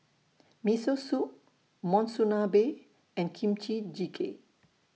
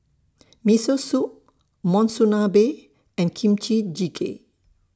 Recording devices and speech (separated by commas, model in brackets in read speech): mobile phone (iPhone 6), standing microphone (AKG C214), read sentence